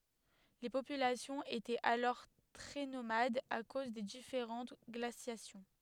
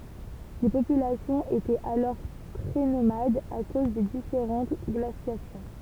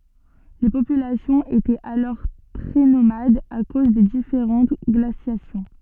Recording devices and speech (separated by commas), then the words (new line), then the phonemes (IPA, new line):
headset microphone, temple vibration pickup, soft in-ear microphone, read sentence
Les populations étaient alors très nomades à cause des différentes glaciations.
le popylasjɔ̃z etɛt alɔʁ tʁɛ nomadz a koz de difeʁɑ̃t ɡlasjasjɔ̃